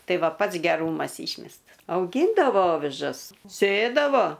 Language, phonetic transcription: Lithuanian, ˈtai ˈva ˈpats geˈrūmas ˈyšmestas auˈgyndavo ˈovižas ˈsėdavo

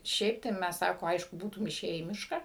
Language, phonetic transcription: Lithuanian, ˈšiaip tai ˈmæs ˈsako ˈaišku ˈbūtum iˈšėję į ˈmišką

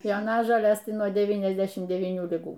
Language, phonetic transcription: Lithuanian, joˈnažolės nuo ˌdevyniasˈdešim devyˈnių liˈgų

